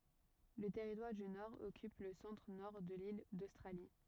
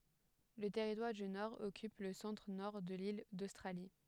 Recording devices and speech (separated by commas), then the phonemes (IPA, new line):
rigid in-ear microphone, headset microphone, read sentence
lə tɛʁitwaʁ dy nɔʁ ɔkyp lə sɑ̃tʁənɔʁ də lil dostʁali